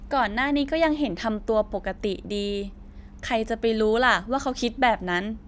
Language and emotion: Thai, frustrated